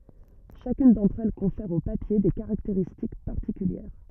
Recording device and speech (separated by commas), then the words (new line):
rigid in-ear microphone, read sentence
Chacune d'entre elles confère au papier des caractéristiques particulières.